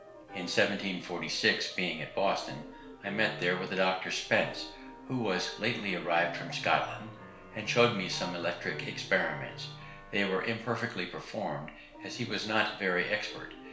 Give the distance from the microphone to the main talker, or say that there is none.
1.0 m.